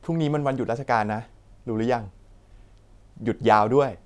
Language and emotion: Thai, neutral